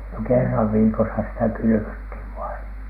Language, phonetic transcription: Finnish, no "kerrav viikosa sitä 'kylyvöthiv vaiN .
- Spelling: no kerran viikossa sitä kylvettiin vain

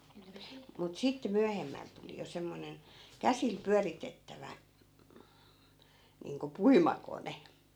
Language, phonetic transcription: Finnish, mut 'sitte 'myähemmäl tuli jo 'semmonen , 'käsil 'pyäritettävä , niiŋko "puima'kone .
- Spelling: mutta sitten myöhemmällä tuli jo semmoinen käsillä pyöritettävä niin kuin puimakone

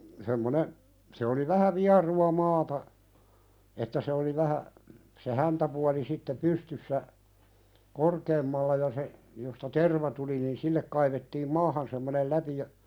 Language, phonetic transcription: Finnish, semmone , se oli 'vähä "viaru₍a 'maata , että se oli 'vähä , se "häntäpuali sitte "pystyssä , "korkeemmalla ja se , josta "terva tuli nin 'sillek kaivettiim "maahan semmonel 'läpi ja ,.
- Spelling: semmoinen se oli vähä vierua maata että se oli vähän se häntäpuoli sitten pystyssä korkeammalla ja se josta terva tuli niin sille kaivettiin maahan semmoinen läpi ja

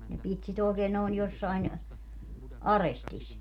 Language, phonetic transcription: Finnish, ne 'pit sit ‿òi̮keen nòi̮n jossain , "arestis .
- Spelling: ne piti sitä oikein noin jossakin arestissa

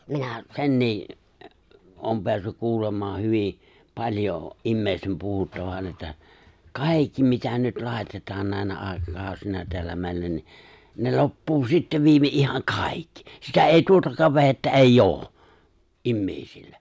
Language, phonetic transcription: Finnish, 'minä , 'sennii’ , ’oom peässyk 'kuulem̀aa 'hyvì , 'paĺjo , '’immeeⁱstem 'puhuttavan että , "kàikki mitä nyt 'làitetaan nä̀inä 'ài̬kakàu̬sina teällä mèillä ni , ne 'loppuu sittev 'viime '’ihaŋ "kàikki , 'sitä èi 'tuotakaav 've̬hettä "eij̆j ‿oo , '’immèi̬sillä .
- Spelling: minä senkin olen päässyt kuulemaan hyvin paljon ihmisten puhuttavan että kaikki mitä nyt laitetaan näinä aikakausina täällä meillä niin ne loppuu sitten viimein ihan kaikki sitä ei tuotakaan vehjettä ei ole ihmisillä

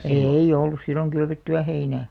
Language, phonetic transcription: Finnish, èi'ʲ ‿ollus silloŋ 'kylvetty₍ä 'heinä̀ .
- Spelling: ei ollut silloin kylvettyä heinää

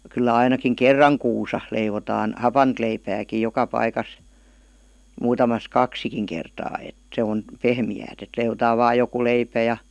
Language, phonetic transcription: Finnish, 'kyllä ainakiŋ "kerraŋ kuusa , 'leivotaan , "hapant leipääkij̆ 'joka 'paikas , 'muutamas "kaksikiŋ kertaa et , 'se on , 'pehmi₍äät et leivotaa vaaj̆ 'joku 'leipä ja ,.
- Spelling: kyllä ainakin kerran kuussa leivotaan hapanta leipääkin joka paikassa muutamassa kaksikin kertaa että se on pehmeää että leivotaan vain joku leipä ja

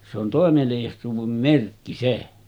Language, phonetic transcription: Finnish, se ‿on tòemelija̳§suuvem 'merkki "se .
- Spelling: se on toimeliaisuuden merkki se

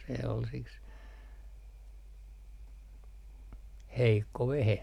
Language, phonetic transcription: Finnish, se ol siks , 'heikko 'vehe .
- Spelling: se oli siksi heikko vehje

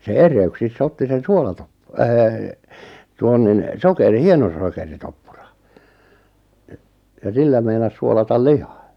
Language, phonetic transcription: Finnish, se "er̆reyk'sis's ‿otti sen "suolatop- , öö , 'tuon nin , "sokeri- "hienosokeritoppurᴀ , e- , ja 'sillä meinas 'suolatal "lihᴀ .
- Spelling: se erehdyksessä otti sen - - tuon niin - hienosokeritoppuran - ja sillä meinasi suolata lihan

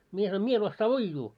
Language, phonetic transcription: Finnish, mie sanoim » 'mie en ossaa "uijjuu « .
- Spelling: minä sanoin minä en osaa uida

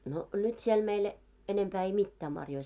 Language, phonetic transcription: Finnish, no , 'nyt 'siel meil , enempää ei 'mittää marjoi .
- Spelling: no nyt siellä meillä enempää ei mitään marjoja

